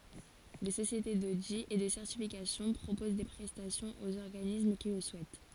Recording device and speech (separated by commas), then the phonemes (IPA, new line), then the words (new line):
forehead accelerometer, read sentence
de sosjete dodi e də sɛʁtifikasjɔ̃ pʁopoz de pʁɛstasjɔ̃z oz ɔʁɡanism ki lə suɛt
Des sociétés d'audit et de certification proposent des prestations aux organismes qui le souhaitent.